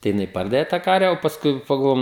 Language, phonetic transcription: Lithuanian, tai jiˈnai ˈpardave tą ˈkarve o pasˈkui pagalˈvojum

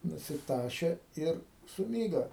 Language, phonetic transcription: Lithuanian, nusiˈtašė ˈir suˈmyga

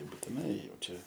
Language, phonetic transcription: Lithuanian, būtiˈnai ˈjau ˈčia

